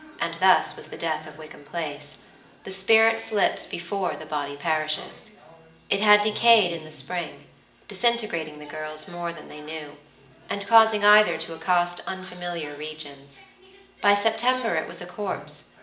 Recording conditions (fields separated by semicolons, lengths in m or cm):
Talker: one person; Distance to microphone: 1.8 m; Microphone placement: close; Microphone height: 1.0 m; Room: large; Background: television